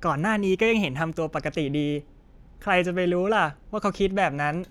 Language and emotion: Thai, happy